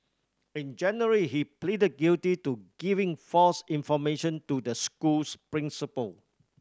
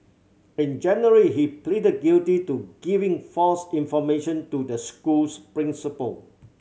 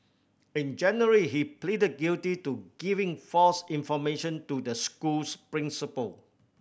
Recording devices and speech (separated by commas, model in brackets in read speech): standing microphone (AKG C214), mobile phone (Samsung C7100), boundary microphone (BM630), read sentence